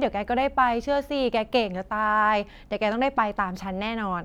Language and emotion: Thai, frustrated